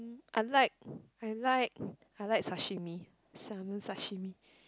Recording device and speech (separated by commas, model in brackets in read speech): close-talking microphone, conversation in the same room